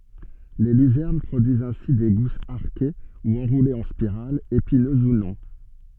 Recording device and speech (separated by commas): soft in-ear microphone, read sentence